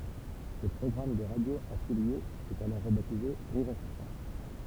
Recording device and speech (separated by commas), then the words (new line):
temple vibration pickup, read sentence
Le programme des radios affiliées est alors rebaptisé Rire & Chansons.